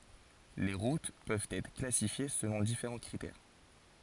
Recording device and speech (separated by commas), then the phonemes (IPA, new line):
forehead accelerometer, read sentence
le ʁut pøvt ɛtʁ klasifje səlɔ̃ difeʁɑ̃ kʁitɛʁ